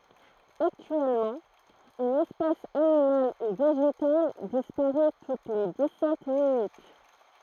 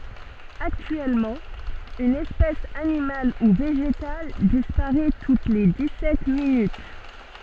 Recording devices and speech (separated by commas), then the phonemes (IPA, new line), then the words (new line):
throat microphone, soft in-ear microphone, read sentence
aktyɛlmɑ̃ yn ɛspɛs animal u veʒetal dispaʁɛ tut le di sɛt minyt
Actuellement, une espèce animale ou végétale disparait toutes les dix-sept minutes.